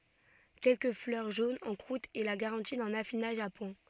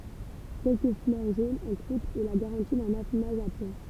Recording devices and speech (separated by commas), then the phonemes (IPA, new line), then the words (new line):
soft in-ear microphone, temple vibration pickup, read sentence
kɛlkə flœʁ ʒonz ɑ̃ kʁut ɛ la ɡaʁɑ̃ti dœ̃n afinaʒ a pwɛ̃
Quelques fleurs jaunes en croûte est la garantie d'un affinage à point.